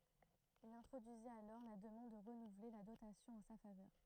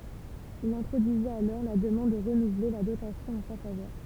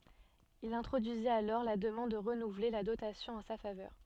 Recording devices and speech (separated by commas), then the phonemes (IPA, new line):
throat microphone, temple vibration pickup, soft in-ear microphone, read sentence
il ɛ̃tʁodyizit alɔʁ la dəmɑ̃d də ʁənuvle la dotasjɔ̃ ɑ̃ sa favœʁ